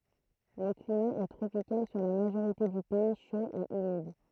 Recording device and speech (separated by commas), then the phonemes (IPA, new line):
throat microphone, read sentence
lə klima ɛ tʁopikal syʁ la maʒoʁite dy pɛi ʃo e ymid